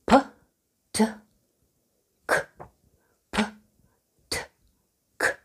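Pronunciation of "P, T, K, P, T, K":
The sounds p, t and k are each said aspirated, with a puff of air after each one.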